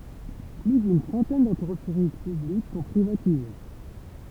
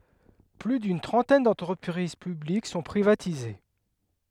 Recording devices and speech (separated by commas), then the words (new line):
temple vibration pickup, headset microphone, read sentence
Plus d'une trentaine d'entreprises publiques sont privatisées.